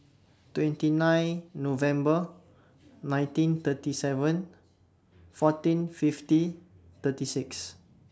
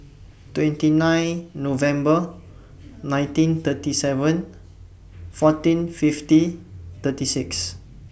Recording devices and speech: standing microphone (AKG C214), boundary microphone (BM630), read sentence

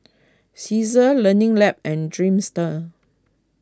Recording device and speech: close-talking microphone (WH20), read sentence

